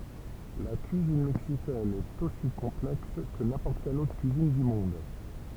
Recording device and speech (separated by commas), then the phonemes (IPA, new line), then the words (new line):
temple vibration pickup, read sentence
la kyizin mɛksikɛn ɛt osi kɔ̃plɛks kə nɛ̃pɔʁt kɛl otʁ kyizin dy mɔ̃d
La cuisine mexicaine est aussi complexe que n'importe quelle autre cuisine du monde.